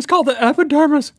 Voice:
silly voice